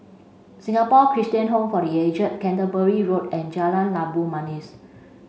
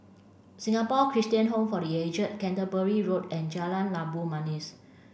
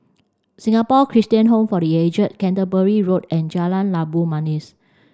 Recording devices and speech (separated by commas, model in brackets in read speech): mobile phone (Samsung C5), boundary microphone (BM630), standing microphone (AKG C214), read sentence